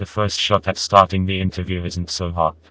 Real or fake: fake